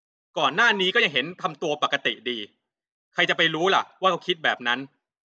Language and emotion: Thai, angry